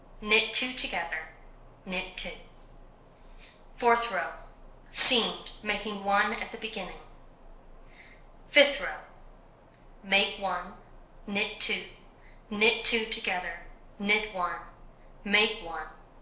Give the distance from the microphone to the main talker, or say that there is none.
1.0 m.